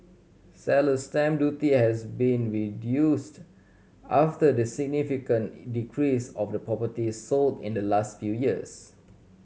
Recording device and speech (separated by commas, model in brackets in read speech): mobile phone (Samsung C7100), read sentence